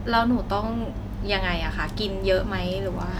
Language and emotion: Thai, neutral